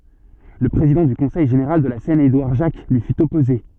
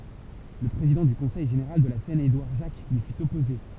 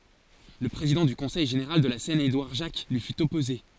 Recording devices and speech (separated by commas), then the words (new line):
soft in-ear microphone, temple vibration pickup, forehead accelerometer, read sentence
Le président du Conseil général de la Seine Édouard Jacques lui fut opposé.